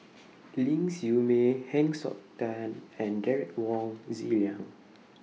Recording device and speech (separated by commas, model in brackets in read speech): mobile phone (iPhone 6), read sentence